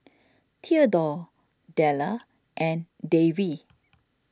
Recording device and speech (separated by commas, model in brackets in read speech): standing microphone (AKG C214), read sentence